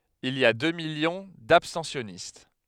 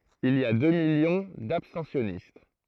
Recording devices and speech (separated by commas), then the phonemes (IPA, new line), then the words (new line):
headset microphone, throat microphone, read sentence
il i a dø miljɔ̃ dabstɑ̃sjɔnist
Il y a deux millions d'abstentionnistes.